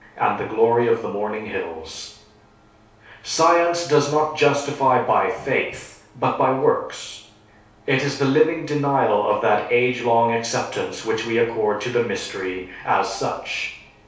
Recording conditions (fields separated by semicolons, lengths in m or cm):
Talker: one person; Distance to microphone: 3.0 m; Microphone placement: far; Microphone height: 1.8 m; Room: small (3.7 m by 2.7 m); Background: none